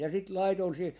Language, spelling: Finnish, ja sitten laitoin siihen
- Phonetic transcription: ja sit "laiton siihi , .

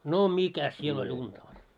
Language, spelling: Finnish, no mikäs siellä oli unta oli
- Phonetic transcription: no "mikäs siel oĺ 'unta oĺ .

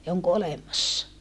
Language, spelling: Finnish, ja onko olemassa
- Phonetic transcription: ja oŋko olemassa .

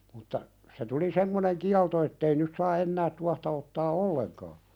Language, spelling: Finnish, mutta se tuli semmoinen kielto että ei nyt saa enää tuohta ottaa ollenkaan
- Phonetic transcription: mutta , se tuli "semmoneŋ 'kialto ettei nyt̳ saa 'ennäät tuahta ottaa "olleŋkaa .

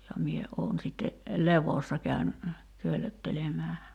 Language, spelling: Finnish, ja minä olen sitten levossa käyn köllöttelemään
- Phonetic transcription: ja mie , 'oon sitte , "levossa käyn , 'köllöttelemää .

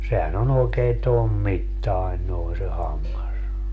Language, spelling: Finnish, sehän on oikein tuon mittainen noin se hammas
- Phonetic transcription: sehän ‿o'n ‿oekee "tom 'mittai̮n noi se 'hammas .

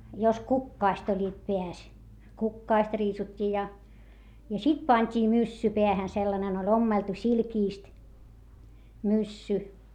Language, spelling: Finnish, jos kukkaset olivat päässä kukkaset riisuttiin ja ja sitten pantiin myssy päähän sellainen oli ommeltu silkistä myssy
- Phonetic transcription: jos kukkaast ‿oĺĺiit peäs , kukkaast riisut́t́ii ja , ja sit pańt́ii myssy peähän sellanen ‿ol ommeltu silkìst , myssy .

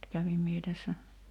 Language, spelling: Finnish, kävin minä tässä
- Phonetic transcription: 'kävim mie tässä ,.

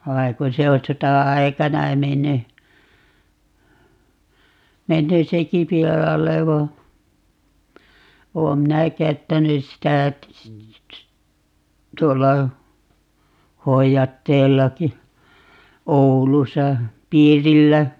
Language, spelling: Finnish, vaan kun se on sota-aikana mennyt mennyt sekin pilalle vaan olen minä käyttänyt sitä tuolla hoidatteellakin Oulussa piirillä
- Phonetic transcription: 'vai ku 'se o 'sota₍aikana 'menny , 'menny "seki 'pilalle va , 'oom minä "käyttänys sitä , 'tuolla , "hoijatteellaki , 'Oulusa , "piirillä .

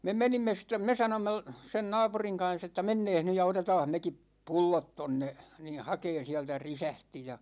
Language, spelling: Finnish, me menimme sitten me sanoimme - sen naapurin kanssa että mennäänpäs nyt ja otetaanpas mekin pullot tuonne niin hakemaan sieltä resepti ja
- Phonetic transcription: 'me "menimme stem̆ 'me "sanomme l- , sen "naapuriŋ 'kan̬s ‿että » 'menneeh ny ja 'otetaah 'mekip̀ "pullot 'tonne , ni "hakeen̬ 'siältä "risähti « ja .

